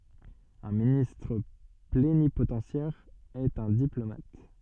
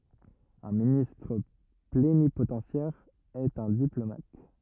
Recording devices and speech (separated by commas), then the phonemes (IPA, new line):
soft in-ear microphone, rigid in-ear microphone, read sentence
œ̃ ministʁ plenipotɑ̃sjɛʁ ɛt œ̃ diplomat